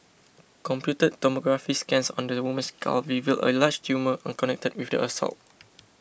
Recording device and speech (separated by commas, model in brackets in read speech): boundary microphone (BM630), read sentence